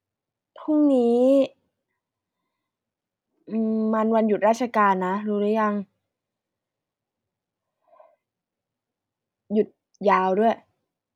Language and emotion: Thai, frustrated